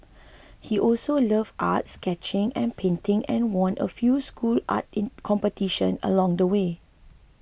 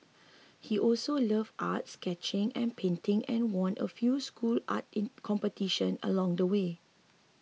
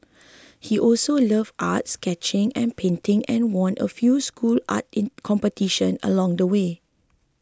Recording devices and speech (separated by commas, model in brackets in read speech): boundary microphone (BM630), mobile phone (iPhone 6), close-talking microphone (WH20), read sentence